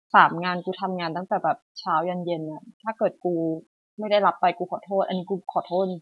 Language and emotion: Thai, sad